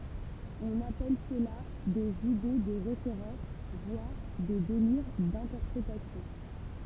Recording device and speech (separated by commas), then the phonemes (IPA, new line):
temple vibration pickup, read sentence
ɔ̃n apɛl səla dez ide də ʁefeʁɑ̃s vwaʁ de deliʁ dɛ̃tɛʁpʁetasjɔ̃